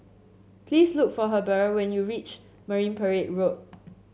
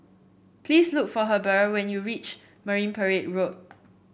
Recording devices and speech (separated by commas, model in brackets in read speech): mobile phone (Samsung C7), boundary microphone (BM630), read sentence